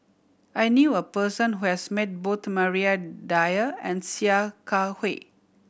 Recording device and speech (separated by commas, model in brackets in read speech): boundary microphone (BM630), read sentence